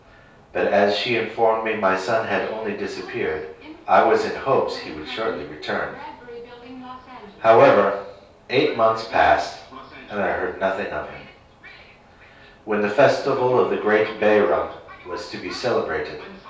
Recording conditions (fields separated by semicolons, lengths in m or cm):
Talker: one person; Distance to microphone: 3.0 m; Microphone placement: far; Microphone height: 1.8 m; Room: small (3.7 m by 2.7 m); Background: television